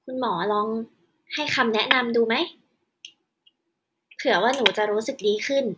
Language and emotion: Thai, neutral